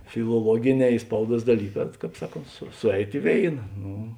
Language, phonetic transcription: Lithuanian, filoˈluogiˌnē i ˈspauˌduos daˈlyˌkā ˈkāp ˈsaˌkont su ˈsuˌeit i ˈvėina ˈnu

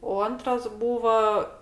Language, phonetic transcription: Lithuanian, o ˈantras ˈbūva

